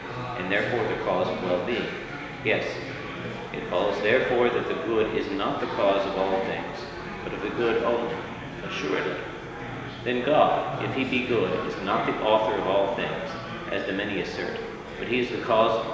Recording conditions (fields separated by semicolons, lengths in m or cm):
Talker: one person; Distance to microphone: 1.7 m; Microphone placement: close; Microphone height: 1.0 m; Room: very reverberant, large; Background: babble